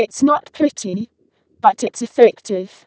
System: VC, vocoder